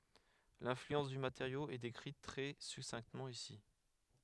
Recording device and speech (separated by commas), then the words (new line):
headset microphone, read sentence
L'influence du matériau est décrite très succinctement ici.